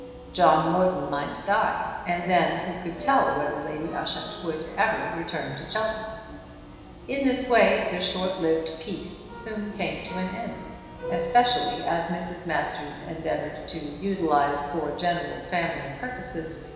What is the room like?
A big, very reverberant room.